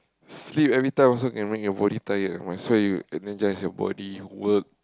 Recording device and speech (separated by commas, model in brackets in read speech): close-talking microphone, conversation in the same room